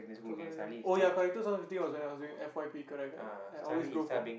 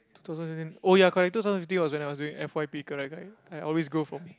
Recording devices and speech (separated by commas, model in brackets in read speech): boundary microphone, close-talking microphone, conversation in the same room